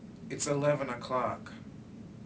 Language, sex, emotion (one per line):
English
male
neutral